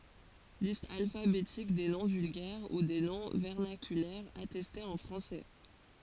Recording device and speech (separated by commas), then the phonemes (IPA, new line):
forehead accelerometer, read sentence
list alfabetik de nɔ̃ vylɡɛʁ u de nɔ̃ vɛʁnakylɛʁz atɛstez ɑ̃ fʁɑ̃sɛ